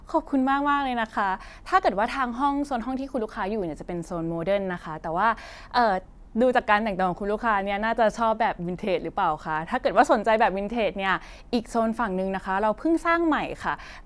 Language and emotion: Thai, happy